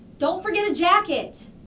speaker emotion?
neutral